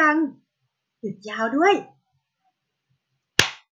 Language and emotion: Thai, happy